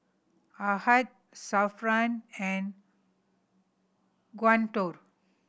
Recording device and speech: boundary microphone (BM630), read sentence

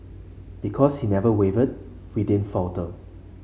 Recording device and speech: mobile phone (Samsung C5), read sentence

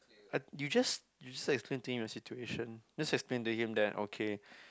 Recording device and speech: close-talking microphone, conversation in the same room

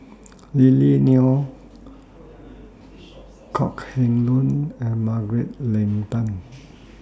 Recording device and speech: standing microphone (AKG C214), read sentence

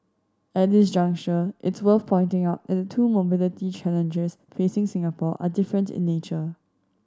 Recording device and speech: standing microphone (AKG C214), read sentence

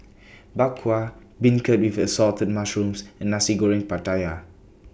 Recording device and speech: boundary microphone (BM630), read sentence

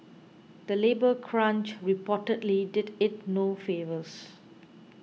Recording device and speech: mobile phone (iPhone 6), read sentence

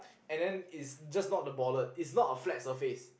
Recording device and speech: boundary microphone, conversation in the same room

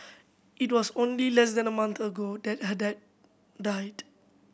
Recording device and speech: boundary microphone (BM630), read sentence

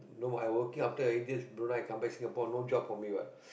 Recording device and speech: boundary microphone, conversation in the same room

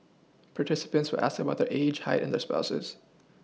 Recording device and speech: mobile phone (iPhone 6), read sentence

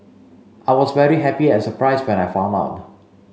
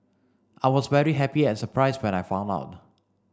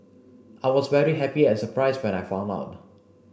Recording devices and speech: mobile phone (Samsung C5), standing microphone (AKG C214), boundary microphone (BM630), read sentence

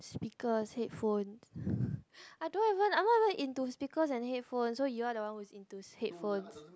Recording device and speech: close-talking microphone, conversation in the same room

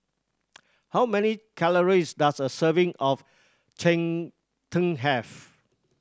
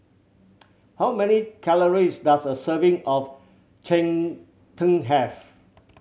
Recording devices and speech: standing microphone (AKG C214), mobile phone (Samsung C7100), read sentence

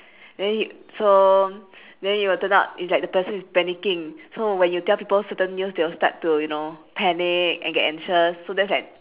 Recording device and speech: telephone, conversation in separate rooms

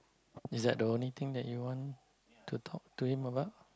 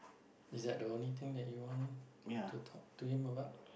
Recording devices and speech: close-talking microphone, boundary microphone, conversation in the same room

